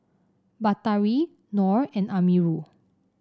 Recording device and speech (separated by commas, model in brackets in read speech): standing microphone (AKG C214), read sentence